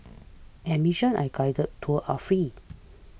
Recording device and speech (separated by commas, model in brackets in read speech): boundary microphone (BM630), read sentence